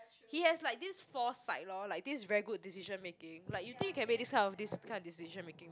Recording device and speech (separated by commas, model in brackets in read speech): close-talking microphone, conversation in the same room